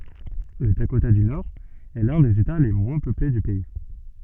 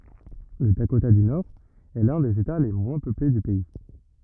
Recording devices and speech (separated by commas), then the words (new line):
soft in-ear microphone, rigid in-ear microphone, read sentence
Le Dakota du Nord est l'un des États les moins peuplés du pays.